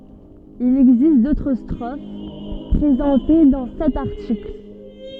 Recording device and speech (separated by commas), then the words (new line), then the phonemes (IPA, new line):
soft in-ear microphone, read sentence
Il existe d'autres strophes, présentées dans cet article.
il ɛɡzist dotʁ stʁof pʁezɑ̃te dɑ̃ sɛt aʁtikl